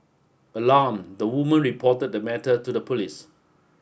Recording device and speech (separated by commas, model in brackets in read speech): boundary microphone (BM630), read sentence